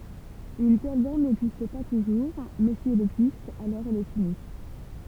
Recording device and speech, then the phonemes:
temple vibration pickup, read sentence
yn tɛl bɔʁn nɛɡzist pa tuʒuʁ mɛ si ɛl ɛɡzist alɔʁ ɛl ɛt ynik

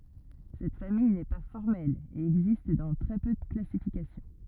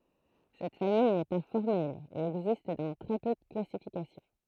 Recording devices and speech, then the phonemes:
rigid in-ear microphone, throat microphone, read sentence
sɛt famij nɛ pa fɔʁmɛl e ɛɡzist dɑ̃ tʁɛ pø də klasifikasjɔ̃

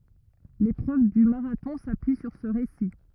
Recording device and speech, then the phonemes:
rigid in-ear microphone, read sentence
lepʁøv dy maʁatɔ̃ sapyi syʁ sə ʁesi

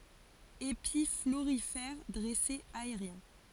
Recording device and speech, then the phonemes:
forehead accelerometer, read sentence
epi floʁifɛʁ dʁɛsez aeʁjɛ̃

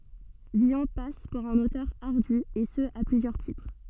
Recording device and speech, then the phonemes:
soft in-ear microphone, read sentence
vilɔ̃ pas puʁ œ̃n otœʁ aʁdy e sə a plyzjœʁ titʁ

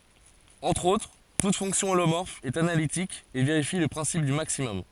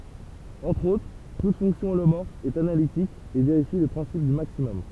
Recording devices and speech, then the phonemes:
forehead accelerometer, temple vibration pickup, read sentence
ɑ̃tʁ otʁ tut fɔ̃ksjɔ̃ olomɔʁf ɛt analitik e veʁifi lə pʁɛ̃sip dy maksimɔm

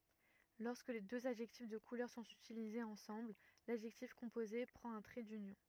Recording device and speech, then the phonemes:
rigid in-ear microphone, read sentence
lɔʁskə døz adʒɛktif də kulœʁ sɔ̃t ytilizez ɑ̃sɑ̃bl ladʒɛktif kɔ̃poze pʁɑ̃t œ̃ tʁɛ dynjɔ̃

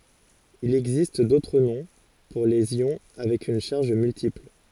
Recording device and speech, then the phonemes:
forehead accelerometer, read sentence
il ɛɡzist dotʁ nɔ̃ puʁ lez jɔ̃ avɛk yn ʃaʁʒ myltipl

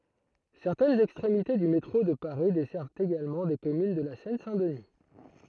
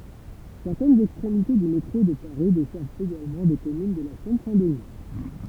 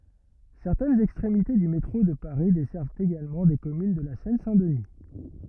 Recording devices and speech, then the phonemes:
throat microphone, temple vibration pickup, rigid in-ear microphone, read sentence
sɛʁtɛnz ɛkstʁemite dy metʁo də paʁi dɛsɛʁvt eɡalmɑ̃ de kɔmyn də la sɛn sɛ̃ dəni

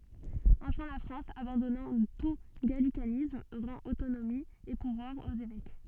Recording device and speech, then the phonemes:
soft in-ear microphone, read sentence
ɑ̃fɛ̃ la fʁɑ̃s abɑ̃dɔnɑ̃ tu ɡalikanism ʁɑ̃t otonomi e puvwaʁz oz evɛk

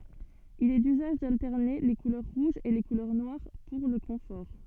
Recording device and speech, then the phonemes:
soft in-ear microphone, read sentence
il ɛ dyzaʒ daltɛʁne le kulœʁ ʁuʒz e le kulœʁ nwaʁ puʁ lə kɔ̃fɔʁ

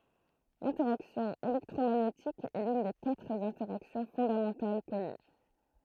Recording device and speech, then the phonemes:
throat microphone, read sentence
lɛ̃tɛʁaksjɔ̃ elɛktʁomaɲetik ɛ lyn de katʁ ɛ̃tɛʁaksjɔ̃ fɔ̃damɑ̃tal kɔny

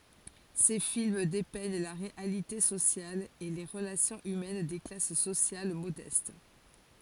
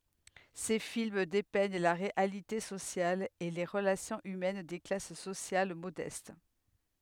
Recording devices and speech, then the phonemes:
forehead accelerometer, headset microphone, read sentence
se film depɛɲ la ʁealite sosjal e le ʁəlasjɔ̃z ymɛn de klas sosjal modɛst

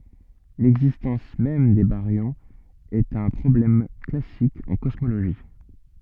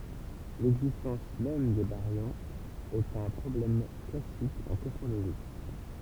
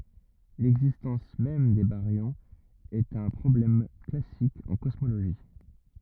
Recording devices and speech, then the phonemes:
soft in-ear microphone, temple vibration pickup, rigid in-ear microphone, read sentence
lɛɡzistɑ̃s mɛm de baʁjɔ̃z ɛt œ̃ pʁɔblɛm klasik ɑ̃ kɔsmoloʒi

